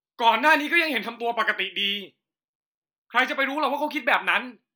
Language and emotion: Thai, angry